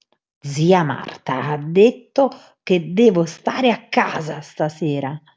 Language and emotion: Italian, angry